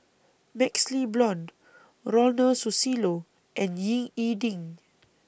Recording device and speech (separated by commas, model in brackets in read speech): boundary microphone (BM630), read sentence